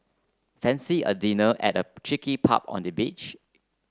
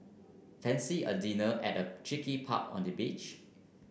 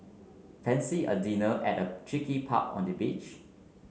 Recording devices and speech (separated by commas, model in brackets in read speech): close-talking microphone (WH30), boundary microphone (BM630), mobile phone (Samsung C9), read sentence